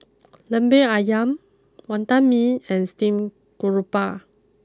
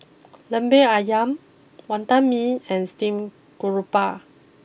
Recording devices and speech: close-talking microphone (WH20), boundary microphone (BM630), read sentence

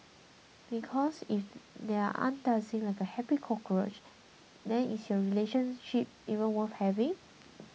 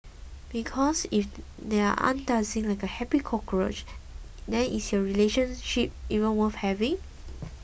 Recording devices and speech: mobile phone (iPhone 6), boundary microphone (BM630), read sentence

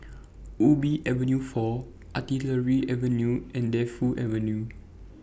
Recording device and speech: boundary microphone (BM630), read sentence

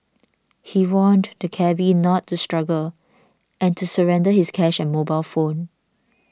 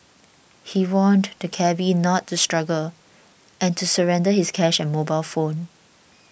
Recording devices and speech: standing microphone (AKG C214), boundary microphone (BM630), read sentence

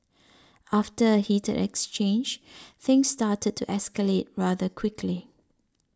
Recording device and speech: standing microphone (AKG C214), read sentence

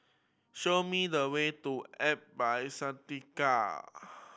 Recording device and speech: boundary microphone (BM630), read sentence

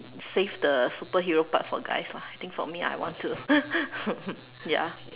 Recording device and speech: telephone, conversation in separate rooms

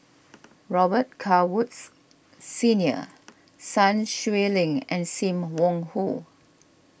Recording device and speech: boundary microphone (BM630), read sentence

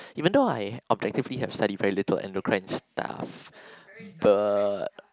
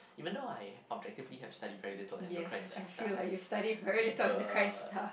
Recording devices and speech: close-talking microphone, boundary microphone, conversation in the same room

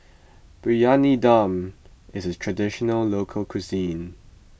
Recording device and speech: boundary microphone (BM630), read sentence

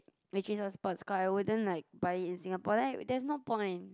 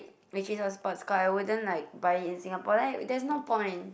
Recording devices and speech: close-talking microphone, boundary microphone, conversation in the same room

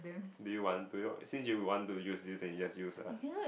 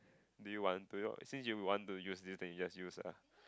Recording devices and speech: boundary microphone, close-talking microphone, conversation in the same room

